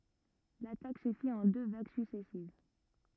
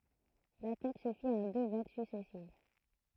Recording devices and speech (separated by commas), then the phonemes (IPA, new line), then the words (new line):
rigid in-ear microphone, throat microphone, read sentence
latak sə fit ɑ̃ dø vaɡ syksɛsiv
L'attaque se fit en deux vagues successives.